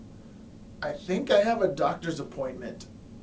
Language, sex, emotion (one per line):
English
male
neutral